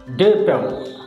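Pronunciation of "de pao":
'Depot' is said with its British English pronunciation.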